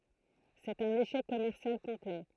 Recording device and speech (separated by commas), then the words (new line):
throat microphone, read sentence
C'est un échec commercial complet.